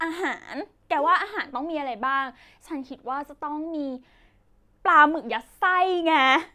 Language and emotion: Thai, happy